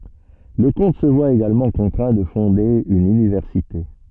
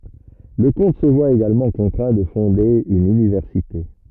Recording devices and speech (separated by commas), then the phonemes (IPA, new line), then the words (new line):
soft in-ear microphone, rigid in-ear microphone, read sentence
lə kɔ̃t sə vwa eɡalmɑ̃ kɔ̃tʁɛ̃ də fɔ̃de yn ynivɛʁsite
Le comte se voit également contraint de fonder une université.